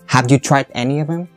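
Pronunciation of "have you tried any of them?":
The d at the end of 'tried' is a stop d sound, and 'tried' is not linked to 'any'.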